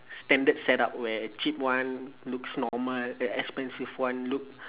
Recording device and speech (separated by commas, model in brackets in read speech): telephone, conversation in separate rooms